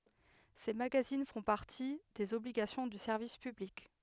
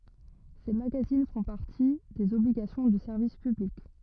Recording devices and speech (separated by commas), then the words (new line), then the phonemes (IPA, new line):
headset microphone, rigid in-ear microphone, read sentence
Ces magazines font partie des obligations du service public.
se maɡazin fɔ̃ paʁti dez ɔbliɡasjɔ̃ dy sɛʁvis pyblik